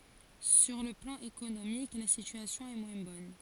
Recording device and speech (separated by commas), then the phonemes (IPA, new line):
forehead accelerometer, read sentence
syʁ lə plɑ̃ ekonomik la sityasjɔ̃ ɛ mwɛ̃ bɔn